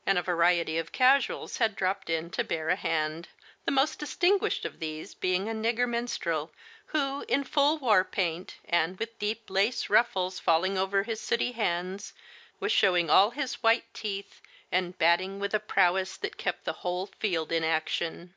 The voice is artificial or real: real